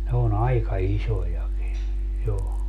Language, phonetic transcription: Finnish, ne o'n ‿aika "isojaki , jo .
- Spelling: ne on aika isojakin jo

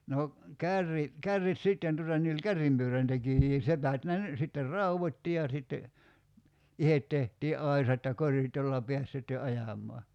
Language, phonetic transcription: Finnish, no , 'kärri , 'kärrit "sitten tuta ni oĺ "kärrimpyöräntekijii 'sepät ne ny- , sitter "rauvot́ti ja sitte , "ihet tehtii '’aisat ja "korit jolla 'peäs sitte "ajam̀ɔa .
- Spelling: no kärry kärryt sitten tuota niin oli kärrynpyöräntekijöitä sepät ne - sitten raudoitti ja sitten itse tehtiin aisat ja korit jolla pääsi sitten ajamaan

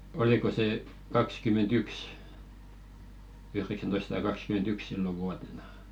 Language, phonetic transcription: Finnish, 'oliko sè , 'kakskyment"yks , 'yhreksäntoissᵃta 'kakskyment'yks 'sillo vuatena .
- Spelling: oliko se kaksikymmentäyksi yhdeksäntoista kaksikymmentäyksi silloin vuotena

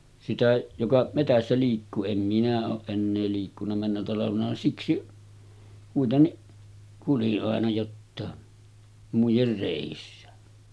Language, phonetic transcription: Finnish, sitä 'joka metässä liikkuu 'em 'minä ooˀ 'ˀennee liikkun̆na männä talavena 'siksi , kuitenniˀ , kuli’ ’àena jottàe , 'muijer 'rèissä .
- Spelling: sitä joka metsässä liikkuu en minä ole enää liikkunut mennä talvena siksi kuitenkin kuljin aina jotakin muiden reissä

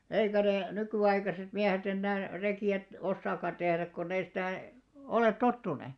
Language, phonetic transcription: Finnish, 'eikä nè , 'nyky₍aikaset 'miähet ‿ennää , 'reki₍ät- , 'ossaakkan 'ᴅehräk konn ‿ei 'sitä̀ , 'olèt "tottune .
- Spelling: eikä ne nykyaikaiset miehet enää rekiä osaakaan tehdä kun ei sitä ole tottuneet

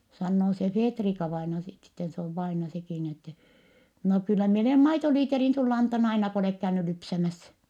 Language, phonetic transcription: Finnish, sannoo se Feetrika-vaina sit sitten , se ov vaina sekì ni ettɛ , » no kyllä mie olèm maitoliiterin sull ‿antann ‿aina ko olèk käyny lypsämäs » .
- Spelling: sanoo se Feetrika-vainaja sitten sitten se on vainaja sekin niin että no kyllä minä olen maitolitran sinulle antanut aina kun olet käynyt lypsämässä

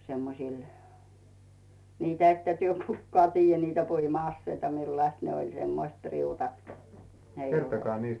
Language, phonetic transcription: Finnish, 'semmosìl , 'niitᵃ̈ ‿että työ "kukkᵒaa tiijjä niitä 'puima₍asseita 'millaⁱst ne 'oĺ , 'semmoⁱst 'riutat ko , ne ‿i ....
- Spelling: semmoisilla niitä ette te kukaan tiedä niitä puima-aseita millaiset ne oli semmoiset riutat kun ne ei

